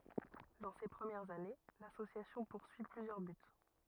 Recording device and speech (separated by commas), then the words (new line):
rigid in-ear microphone, read sentence
Dans ses premières années, l'association poursuit plusieurs buts.